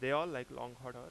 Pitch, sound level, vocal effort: 125 Hz, 91 dB SPL, loud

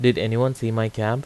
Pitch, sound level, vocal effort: 115 Hz, 85 dB SPL, normal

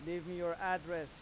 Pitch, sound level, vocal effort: 175 Hz, 93 dB SPL, loud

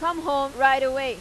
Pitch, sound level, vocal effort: 270 Hz, 100 dB SPL, very loud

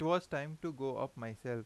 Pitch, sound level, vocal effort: 135 Hz, 87 dB SPL, normal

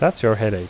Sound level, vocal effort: 82 dB SPL, normal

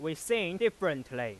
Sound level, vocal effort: 96 dB SPL, very loud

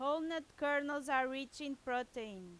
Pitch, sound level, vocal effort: 270 Hz, 93 dB SPL, very loud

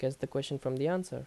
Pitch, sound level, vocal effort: 135 Hz, 80 dB SPL, normal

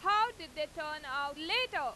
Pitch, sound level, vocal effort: 315 Hz, 100 dB SPL, very loud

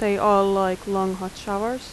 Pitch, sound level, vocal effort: 200 Hz, 84 dB SPL, normal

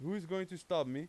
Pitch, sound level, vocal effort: 180 Hz, 94 dB SPL, very loud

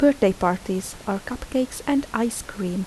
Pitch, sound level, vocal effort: 210 Hz, 76 dB SPL, soft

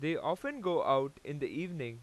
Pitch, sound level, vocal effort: 155 Hz, 93 dB SPL, loud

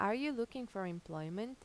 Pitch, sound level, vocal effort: 210 Hz, 85 dB SPL, normal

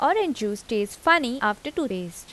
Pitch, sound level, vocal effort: 215 Hz, 84 dB SPL, normal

